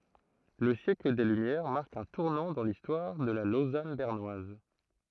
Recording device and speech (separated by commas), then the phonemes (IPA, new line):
throat microphone, read sentence
lə sjɛkl de lymjɛʁ maʁk œ̃ tuʁnɑ̃ dɑ̃ listwaʁ də la lozan bɛʁnwaz